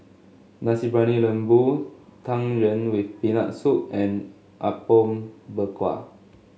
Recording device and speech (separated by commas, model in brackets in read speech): mobile phone (Samsung S8), read sentence